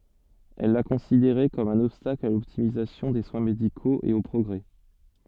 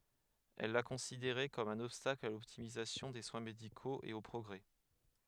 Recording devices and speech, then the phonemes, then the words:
soft in-ear microphone, headset microphone, read sentence
ɛl la kɔ̃sideʁɛ kɔm œ̃n ɔbstakl a lɔptimizasjɔ̃ de swɛ̃ medikoz e o pʁɔɡʁɛ
Elle la considérait comme un obstacle à l’optimisation des soins médicaux et au progrès.

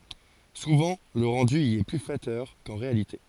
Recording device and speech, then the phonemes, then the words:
forehead accelerometer, read sentence
suvɑ̃ lə ʁɑ̃dy i ɛ ply flatœʁ kɑ̃ ʁealite
Souvent le rendu y est plus flatteur qu'en réalité.

